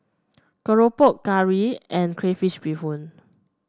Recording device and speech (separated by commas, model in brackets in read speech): standing microphone (AKG C214), read sentence